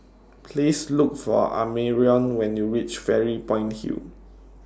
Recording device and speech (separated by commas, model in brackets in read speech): standing microphone (AKG C214), read sentence